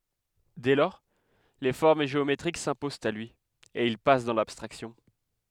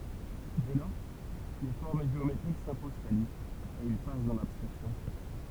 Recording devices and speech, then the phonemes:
headset microphone, temple vibration pickup, read sentence
dɛ lɔʁ le fɔʁm ʒeometʁik sɛ̃pozɑ̃t a lyi e il pas dɑ̃ labstʁaksjɔ̃

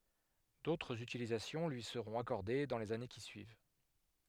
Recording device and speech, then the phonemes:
headset microphone, read sentence
dotʁz ytilizasjɔ̃ lyi səʁɔ̃t akɔʁde dɑ̃ lez ane ki syiv

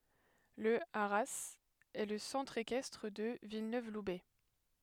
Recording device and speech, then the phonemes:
headset microphone, read sentence
lə aʁaz ɛ lə sɑ̃tʁ ekɛstʁ də vilnøvlubɛ

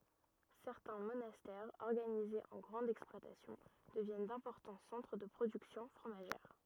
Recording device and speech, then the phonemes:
rigid in-ear microphone, read sentence
sɛʁtɛ̃ monastɛʁz ɔʁɡanizez ɑ̃ ɡʁɑ̃dz ɛksplwatasjɔ̃ dəvjɛn dɛ̃pɔʁtɑ̃ sɑ̃tʁ də pʁodyksjɔ̃ fʁomaʒɛʁ

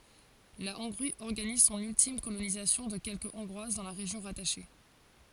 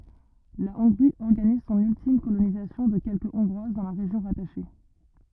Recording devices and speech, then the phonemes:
forehead accelerometer, rigid in-ear microphone, read sentence
la ɔ̃ɡʁi ɔʁɡaniz sɔ̃n yltim kolonizasjɔ̃ də kɛlkə ɔ̃ɡʁwaz dɑ̃ la ʁeʒjɔ̃ ʁataʃe

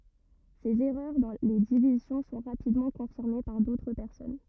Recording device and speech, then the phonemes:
rigid in-ear microphone, read sentence
sez ɛʁœʁ dɑ̃ le divizjɔ̃ sɔ̃ ʁapidmɑ̃ kɔ̃fiʁme paʁ dotʁ pɛʁsɔn

